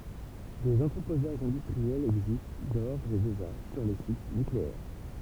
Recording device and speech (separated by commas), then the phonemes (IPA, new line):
temple vibration pickup, read sentence
dez ɑ̃tʁəpozaʒz ɛ̃dystʁiɛlz ɛɡzist doʁz e deʒa syʁ le sit nykleɛʁ